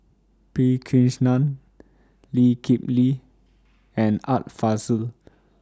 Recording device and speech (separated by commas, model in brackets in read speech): standing microphone (AKG C214), read sentence